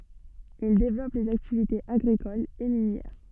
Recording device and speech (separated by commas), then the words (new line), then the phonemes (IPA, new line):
soft in-ear microphone, read sentence
Ils développent les activités agricoles et minières.
il devlɔp lez aktivitez aɡʁikolz e minjɛʁ